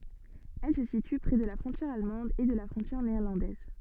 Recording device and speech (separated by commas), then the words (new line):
soft in-ear microphone, read sentence
Elle se situe près de la frontière allemande et de la frontière néerlandaise.